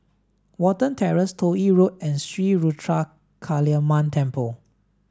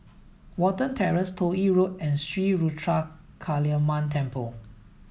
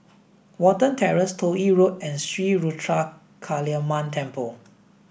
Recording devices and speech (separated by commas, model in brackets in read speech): standing microphone (AKG C214), mobile phone (iPhone 7), boundary microphone (BM630), read sentence